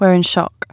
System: none